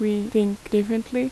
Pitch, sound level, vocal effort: 215 Hz, 81 dB SPL, normal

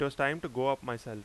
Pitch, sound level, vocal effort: 135 Hz, 91 dB SPL, loud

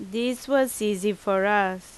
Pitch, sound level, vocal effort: 210 Hz, 86 dB SPL, very loud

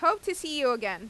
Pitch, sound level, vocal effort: 295 Hz, 95 dB SPL, loud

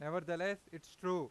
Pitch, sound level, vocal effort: 180 Hz, 97 dB SPL, very loud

